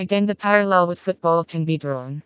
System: TTS, vocoder